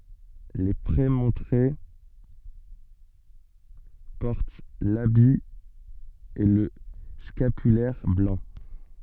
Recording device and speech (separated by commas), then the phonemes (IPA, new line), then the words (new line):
soft in-ear microphone, read sentence
le pʁemɔ̃tʁe pɔʁt labi e lə skapylɛʁ blɑ̃
Les prémontrés portent l'habit et le scapulaire blancs.